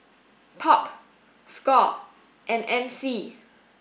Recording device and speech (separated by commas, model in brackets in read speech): boundary microphone (BM630), read sentence